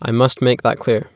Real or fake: real